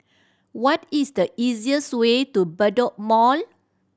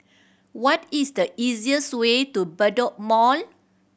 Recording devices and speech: standing microphone (AKG C214), boundary microphone (BM630), read sentence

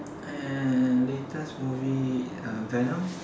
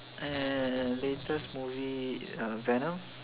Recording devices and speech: standing microphone, telephone, conversation in separate rooms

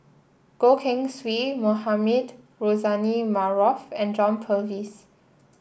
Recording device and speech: boundary microphone (BM630), read sentence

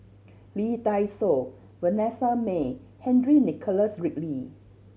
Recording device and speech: mobile phone (Samsung C7100), read sentence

